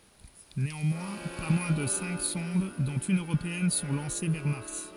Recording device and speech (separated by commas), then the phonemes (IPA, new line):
forehead accelerometer, read sentence
neɑ̃mwɛ̃ pa mwɛ̃ də sɛ̃k sɔ̃d dɔ̃t yn øʁopeɛn sɔ̃ lɑ̃se vɛʁ maʁs